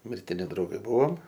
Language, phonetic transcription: Lithuanian, mirtiˈni drauˈgai ˈbuvom

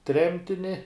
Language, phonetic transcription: Lithuanian, ˈtremtini

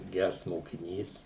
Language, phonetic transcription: Lithuanian, ˈgærs mokiˈnys

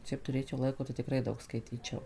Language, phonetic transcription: Lithuanian, ˈšiaip tuˈrėčiau ˈlaiko tai tikˈrai ˈdaug skaiˈtyčiau

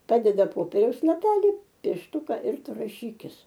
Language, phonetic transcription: Lithuanian, ˈpadeda ˈpoperiaus laˈpeli piešˈtuka ir ˈtu raˈšykis

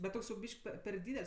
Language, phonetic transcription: Lithuanian, bet ˈtoks jau ˈbyšk pe per ˈdydel's'

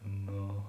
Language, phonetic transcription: Lithuanian, ˈno

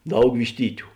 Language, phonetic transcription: Lithuanian, ˈdaug višˈtytiu

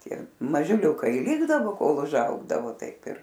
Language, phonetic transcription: Lithuanian, ˈtie mažiˈliūkai i ˈlikdavo ˈkol užˈaugdavo ˈtaip ir

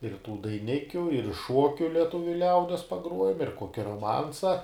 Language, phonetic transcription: Lithuanian, ir tų daiˈnikiu ir ˈšuokiu leˈtuviu ˈliaudies paˈgruojam ir ˈkoki roˈmansa

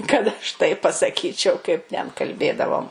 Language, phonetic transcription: Lithuanian, kad aš ˈtaip pasaˈkyčiau kaip ten kalˈbėdavom

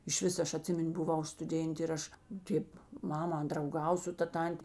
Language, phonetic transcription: Lithuanian, išˈvis ˈaš aˈtsimin' buˈvau stuˈdėntė ir ˈaš ˈtėp ˈmama drauˈgav su ˈta ˈtantė

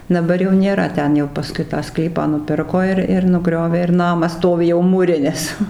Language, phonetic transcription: Lithuanian, daˈbar jau nėˈra ˈten jau paˈskui tą ˈsklypą nuˈpirko ir ir nuˈgriovė ir ˈnamas ˈstovi jau mūˈrinis

